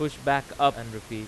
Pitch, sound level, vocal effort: 135 Hz, 94 dB SPL, very loud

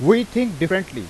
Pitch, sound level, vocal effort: 190 Hz, 94 dB SPL, very loud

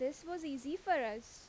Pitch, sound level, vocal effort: 295 Hz, 87 dB SPL, loud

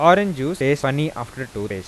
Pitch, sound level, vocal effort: 135 Hz, 92 dB SPL, normal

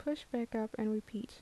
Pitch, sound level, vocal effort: 225 Hz, 73 dB SPL, soft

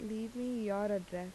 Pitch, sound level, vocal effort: 210 Hz, 81 dB SPL, soft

